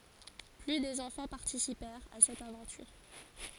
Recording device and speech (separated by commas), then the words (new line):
forehead accelerometer, read sentence
Plus de enfants participèrent à cette aventure.